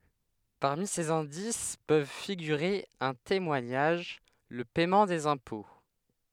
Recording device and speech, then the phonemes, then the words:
headset microphone, read sentence
paʁmi sez ɛ̃dis pøv fiɡyʁe œ̃ temwaɲaʒ lə pɛmɑ̃ dez ɛ̃pɔ̃
Parmi ces indices peuvent figurer un témoignage, le paiement des impôts...

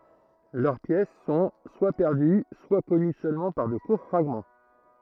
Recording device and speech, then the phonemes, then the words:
throat microphone, read sentence
lœʁ pjɛs sɔ̃ swa pɛʁdy swa kɔny sølmɑ̃ paʁ də kuʁ fʁaɡmɑ̃
Leurs pièces sont, soit perdues, soit connues seulement par de courts fragments.

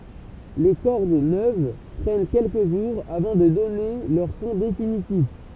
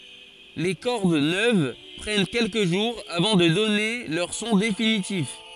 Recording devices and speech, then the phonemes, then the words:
temple vibration pickup, forehead accelerometer, read sentence
le kɔʁd nøv pʁɛn kɛlkə ʒuʁz avɑ̃ də dɔne lœʁ sɔ̃ definitif
Les cordes neuves prennent quelques jours avant de donner leur son définitif.

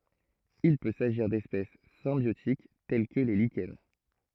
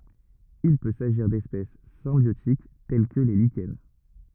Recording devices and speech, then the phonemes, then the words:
throat microphone, rigid in-ear microphone, read sentence
il pø saʒiʁ dɛspɛs sɛ̃bjotik tɛl kə le liʃɛn
Il peut s'agir d'espèces symbiotiques telles que les lichens.

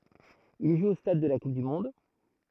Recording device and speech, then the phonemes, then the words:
throat microphone, read sentence
il ʒu o stad də la kup dy mɔ̃d
Il joue au Stade de la Coupe du monde.

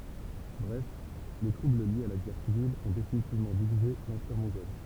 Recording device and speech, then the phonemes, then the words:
temple vibration pickup, read sentence
bʁɛf le tʁubl ljez a la ɡɛʁ sivil ɔ̃ definitivmɑ̃ divize lɑ̃piʁ mɔ̃ɡɔl
Bref, les troubles liés à la guerre civile ont définitivement divisé l'empire mongol.

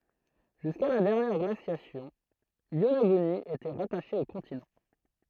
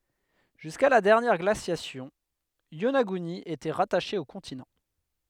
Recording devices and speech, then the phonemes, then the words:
throat microphone, headset microphone, read sentence
ʒyska la dɛʁnjɛʁ ɡlasjasjɔ̃ jonaɡyni etɛ ʁataʃe o kɔ̃tinɑ̃
Jusqu’à la dernière glaciation, Yonaguni était rattachée au continent.

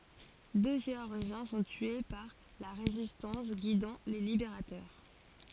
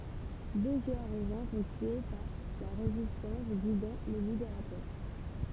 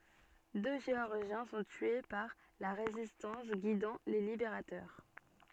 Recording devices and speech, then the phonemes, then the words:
forehead accelerometer, temple vibration pickup, soft in-ear microphone, read sentence
dø ʒeɔʁʒjɛ̃ sɔ̃ tye paʁ la ʁezistɑ̃s ɡidɑ̃ le libeʁatœʁ
Deux Géorgiens sont tués par la Résistance guidant les libérateurs.

